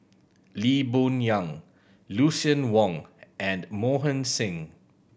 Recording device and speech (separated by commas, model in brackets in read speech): boundary microphone (BM630), read sentence